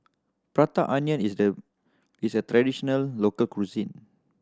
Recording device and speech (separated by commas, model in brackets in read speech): standing microphone (AKG C214), read sentence